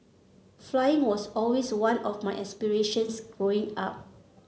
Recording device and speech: mobile phone (Samsung C7), read sentence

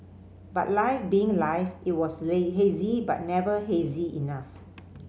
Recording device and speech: mobile phone (Samsung C5010), read sentence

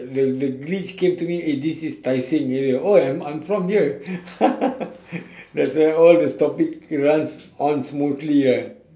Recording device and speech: standing microphone, conversation in separate rooms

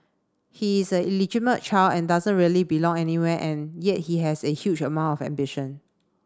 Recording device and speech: standing microphone (AKG C214), read sentence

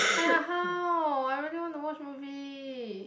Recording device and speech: boundary microphone, conversation in the same room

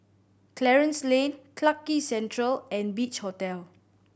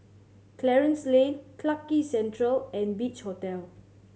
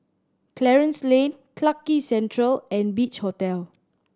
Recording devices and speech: boundary microphone (BM630), mobile phone (Samsung C7100), standing microphone (AKG C214), read sentence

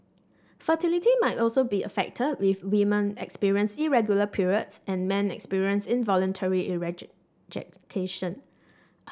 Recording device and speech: standing microphone (AKG C214), read sentence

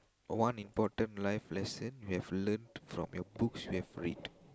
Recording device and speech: close-talking microphone, conversation in the same room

